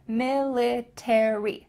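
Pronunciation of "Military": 'Military' is said the American English way: the final three letters are each pronounced, not linked together.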